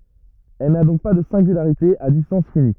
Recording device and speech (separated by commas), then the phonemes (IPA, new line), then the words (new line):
rigid in-ear microphone, read sentence
ɛl na dɔ̃k pa də sɛ̃ɡylaʁite a distɑ̃s fini
Elle n'a donc pas de singularité à distance finie.